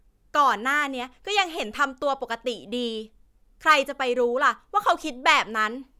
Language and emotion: Thai, frustrated